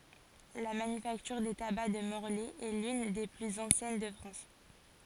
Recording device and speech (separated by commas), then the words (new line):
forehead accelerometer, read sentence
La Manufacture des tabacs de Morlaix est l'une des plus anciennes de France.